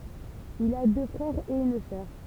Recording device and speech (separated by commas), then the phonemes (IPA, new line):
temple vibration pickup, read sentence
il a dø fʁɛʁz e yn sœʁ